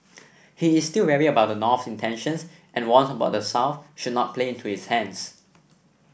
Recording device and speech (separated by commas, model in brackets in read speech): boundary microphone (BM630), read sentence